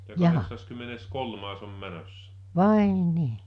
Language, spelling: Finnish, jaa vai niin
- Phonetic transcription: 'jaa , "vàe 'nii .

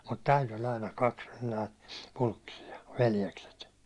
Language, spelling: Finnish, mutta tältä oli aina kaksi näitä Pulkkisia veljekset
- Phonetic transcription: mut tält ‿oĺ aina 'kaks (näit) , 'Pulkkisi₍a , 'veljekset .

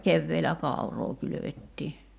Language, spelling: Finnish, keväällä kauraa kylvettiin
- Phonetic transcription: 'kevveelä "kàu̬roo kylövettii .

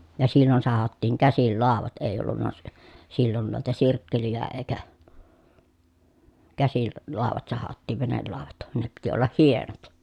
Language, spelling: Finnish, ja silloin sahattiin käsillä laudat ei ollut - silloin noita sirkkeleitä eikä käsillä - laudat sahattiin venelaudat ne piti olla hienot
- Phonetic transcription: ja sillon sahattiiŋ käsil làovat èi ollunna si- , sillon nuita sirkkelijä eekä , käsil l- , làovat sahattì venellàovat , ne piti ollah hienot .

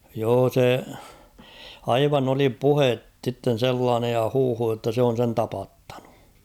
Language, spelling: Finnish, joo se aivan oli puhetta sitten sellainen ja huhu jotta se on sen tapattanut
- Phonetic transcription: 'joo 'se , "aivan ‿oli "puhet sitten̬ 'sellaanej ja 'huuhu jotta 'se on̬ sen "tapattᴀɴᴜ .

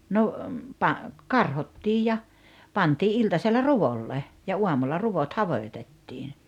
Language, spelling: Finnish, no - karhottiin ja pantiin iltasella ruolle ja aamulla ruot hajotettiin
- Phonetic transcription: no , pa- , "karhottiij ja , 'pantii '’iltasella "ruvolle , ja 'uamulla 'ruvot 'havoⁱtettiin̬ .

